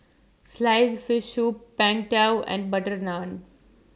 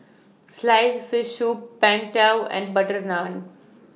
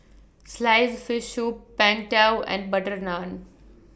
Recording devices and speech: standing microphone (AKG C214), mobile phone (iPhone 6), boundary microphone (BM630), read sentence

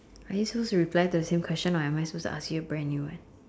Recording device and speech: standing microphone, conversation in separate rooms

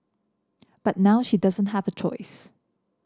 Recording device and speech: standing microphone (AKG C214), read sentence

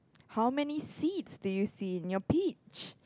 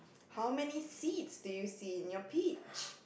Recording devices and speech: close-talking microphone, boundary microphone, conversation in the same room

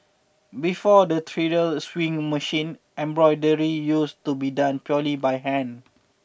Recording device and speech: boundary microphone (BM630), read sentence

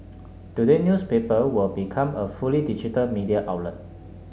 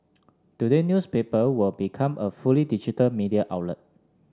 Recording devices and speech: mobile phone (Samsung S8), standing microphone (AKG C214), read sentence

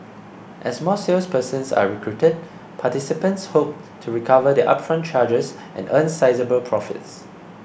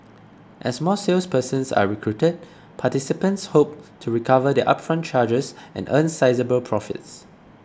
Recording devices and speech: boundary microphone (BM630), close-talking microphone (WH20), read sentence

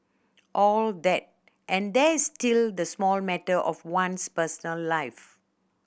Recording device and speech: boundary microphone (BM630), read sentence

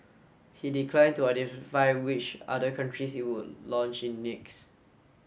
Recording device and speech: mobile phone (Samsung S8), read sentence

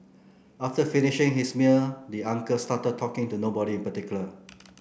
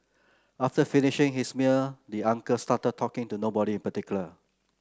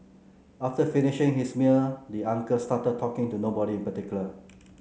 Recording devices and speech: boundary microphone (BM630), close-talking microphone (WH30), mobile phone (Samsung C9), read sentence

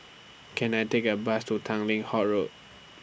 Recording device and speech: boundary microphone (BM630), read sentence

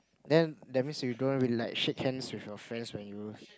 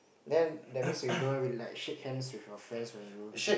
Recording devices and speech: close-talking microphone, boundary microphone, conversation in the same room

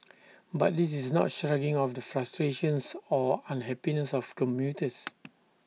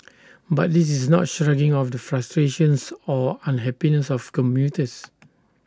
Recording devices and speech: mobile phone (iPhone 6), standing microphone (AKG C214), read sentence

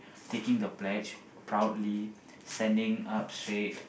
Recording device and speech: boundary microphone, conversation in the same room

